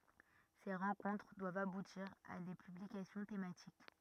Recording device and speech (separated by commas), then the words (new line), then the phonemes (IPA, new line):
rigid in-ear microphone, read sentence
Ces rencontres doivent aboutir à des publications thématiques.
se ʁɑ̃kɔ̃tʁ dwavt abutiʁ a de pyblikasjɔ̃ tematik